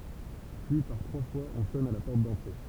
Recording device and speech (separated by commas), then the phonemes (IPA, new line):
temple vibration pickup, read sentence
pyi paʁ tʁwa fwaz ɔ̃ sɔn a la pɔʁt dɑ̃tʁe